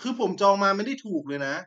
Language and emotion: Thai, frustrated